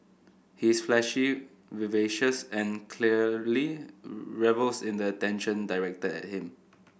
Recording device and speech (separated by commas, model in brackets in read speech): boundary microphone (BM630), read sentence